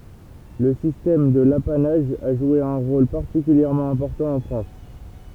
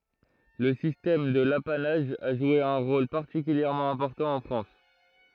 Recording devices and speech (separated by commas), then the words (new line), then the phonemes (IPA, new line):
temple vibration pickup, throat microphone, read sentence
Le système de l’apanage a joué un rôle particulièrement important en France.
lə sistɛm də lapanaʒ a ʒwe œ̃ ʁol paʁtikyljɛʁmɑ̃ ɛ̃pɔʁtɑ̃ ɑ̃ fʁɑ̃s